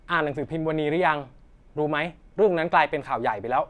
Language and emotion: Thai, frustrated